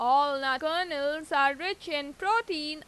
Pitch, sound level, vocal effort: 300 Hz, 93 dB SPL, loud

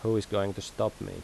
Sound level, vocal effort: 81 dB SPL, normal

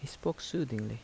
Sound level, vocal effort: 75 dB SPL, soft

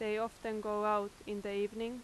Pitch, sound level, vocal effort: 210 Hz, 88 dB SPL, loud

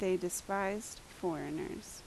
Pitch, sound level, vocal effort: 195 Hz, 78 dB SPL, normal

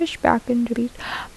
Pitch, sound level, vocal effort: 240 Hz, 74 dB SPL, soft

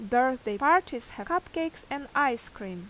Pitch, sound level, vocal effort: 260 Hz, 87 dB SPL, loud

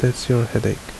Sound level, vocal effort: 69 dB SPL, soft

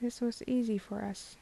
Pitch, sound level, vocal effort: 215 Hz, 74 dB SPL, soft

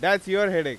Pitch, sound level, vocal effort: 190 Hz, 100 dB SPL, very loud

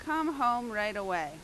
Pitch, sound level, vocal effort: 240 Hz, 92 dB SPL, very loud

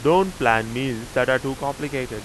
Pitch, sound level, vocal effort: 130 Hz, 91 dB SPL, very loud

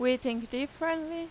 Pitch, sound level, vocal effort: 270 Hz, 89 dB SPL, loud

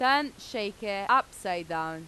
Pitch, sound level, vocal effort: 205 Hz, 93 dB SPL, very loud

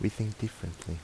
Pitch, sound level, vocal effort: 105 Hz, 76 dB SPL, soft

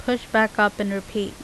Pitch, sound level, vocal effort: 210 Hz, 84 dB SPL, normal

